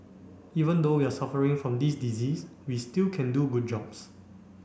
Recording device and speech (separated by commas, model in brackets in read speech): boundary microphone (BM630), read sentence